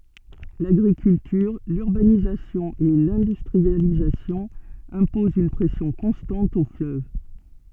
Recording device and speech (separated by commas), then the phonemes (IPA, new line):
soft in-ear microphone, read sentence
laɡʁikyltyʁ lyʁbanizasjɔ̃ e lɛ̃dystʁializasjɔ̃ ɛ̃pozɑ̃ yn pʁɛsjɔ̃ kɔ̃stɑ̃t o fløv